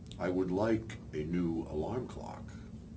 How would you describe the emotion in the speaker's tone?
neutral